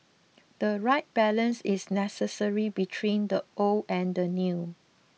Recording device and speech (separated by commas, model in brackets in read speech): mobile phone (iPhone 6), read sentence